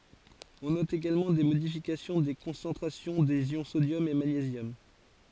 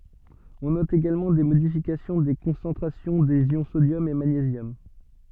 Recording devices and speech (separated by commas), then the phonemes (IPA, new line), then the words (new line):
forehead accelerometer, soft in-ear microphone, read sentence
ɔ̃ nɔt eɡalmɑ̃ de modifikasjɔ̃ de kɔ̃sɑ̃tʁasjɔ̃ dez jɔ̃ sodjɔm e maɲezjɔm
On note également des modifications des concentrations des ions sodium et magnésium.